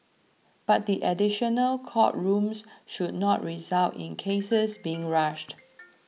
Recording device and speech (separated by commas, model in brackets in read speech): mobile phone (iPhone 6), read sentence